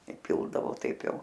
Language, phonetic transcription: Lithuanian, iˈpildavo ˈtaip ˈjau

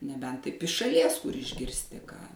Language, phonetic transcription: Lithuanian, neˈbent ˈtaip iš šaˈlies kur išgirsˈti ką

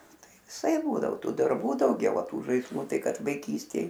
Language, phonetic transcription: Lithuanian, ˈtai viˈsaip ˈbūdavo ˈtų darˈbų dauˈgiau a ˈtų žaisˈlu ˈtai ˈkad vaiˈkystėj

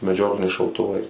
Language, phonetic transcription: Lithuanian, meˈdžiokliniais šautuˈvais

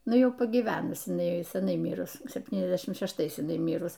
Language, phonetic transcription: Lithuanian, ˈnu ˈjau pagyˈvenus iˈnai seˈnai ˈmyrus sepˈtyniasˌdešim šešˈtais ˈmyrus

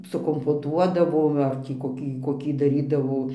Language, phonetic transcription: Lithuanian, sukompoˈtuodavo ˈva ˈar tį koˈkį koˈkį daˈrydavo

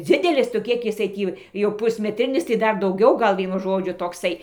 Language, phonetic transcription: Lithuanian, ˈdzidelis tu ˈkiek jiˈsai ˈtį jau pusmeˈtrinis tai ˈdar dauˈgiau ˈgal ˈvienu žoˈdžiu tokˈsai

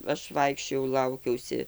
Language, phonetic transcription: Lithuanian, ˈaš ˈvaikščiojau ˈlaukiausi

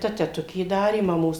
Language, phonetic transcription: Lithuanian, ˈta teˈtukė ˈdarė maˈmos

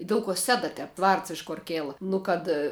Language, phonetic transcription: Lithuanian, ˈdel ko ˈseda ˈtep ˈvards iš kor ˈkėla ˈnu kad

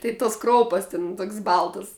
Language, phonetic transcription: Lithuanian, ˈtai tos ˈkroupas tin ˈtok's' ˈbaltas

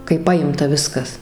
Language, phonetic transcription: Lithuanian, kai ˈpajimta ˈviskas

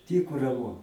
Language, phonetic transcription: Lithuanian, ˈtyku raˈmu

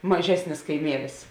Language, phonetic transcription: Lithuanian, maˈžesnis kaiˈmielis

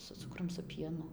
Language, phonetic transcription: Lithuanian, su ˈcukrum su ˈpienu

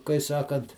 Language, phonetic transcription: Lithuanian, kai ˈsakant

